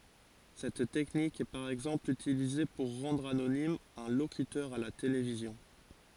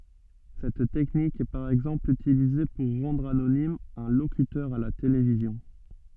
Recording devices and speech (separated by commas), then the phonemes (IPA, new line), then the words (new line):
forehead accelerometer, soft in-ear microphone, read sentence
sɛt tɛknik ɛ paʁ ɛɡzɑ̃pl ytilize puʁ ʁɑ̃dʁ anonim œ̃ lokytœʁ a la televizjɔ̃
Cette technique est par exemple utilisée pour rendre anonyme un locuteur à la télévision.